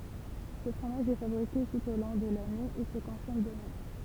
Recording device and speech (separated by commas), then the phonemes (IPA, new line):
temple vibration pickup, read sentence
sə fʁomaʒ ɛ fabʁike tut o lɔ̃ də lane e sə kɔ̃sɔm də mɛm